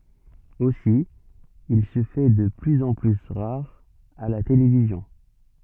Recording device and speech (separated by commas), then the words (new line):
soft in-ear microphone, read sentence
Aussi, il se fait de plus en plus rare à la télévision.